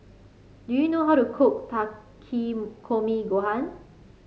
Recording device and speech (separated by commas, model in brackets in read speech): mobile phone (Samsung C5), read sentence